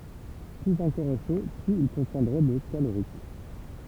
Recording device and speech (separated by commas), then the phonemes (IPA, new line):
temple vibration pickup, read sentence
plyz œ̃ kɔʁ ɛ ʃo plyz il kɔ̃tjɛ̃dʁɛ də kaloʁik